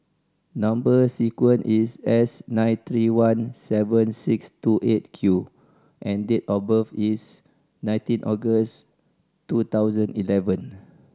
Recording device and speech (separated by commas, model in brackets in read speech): standing microphone (AKG C214), read sentence